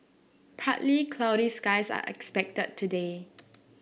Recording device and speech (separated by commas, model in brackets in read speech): boundary microphone (BM630), read sentence